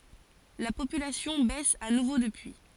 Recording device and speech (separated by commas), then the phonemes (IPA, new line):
forehead accelerometer, read sentence
la popylasjɔ̃ bɛs a nuvo dəpyi